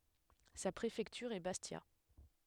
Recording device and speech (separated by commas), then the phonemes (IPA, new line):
headset microphone, read sentence
sa pʁefɛktyʁ ɛ bastja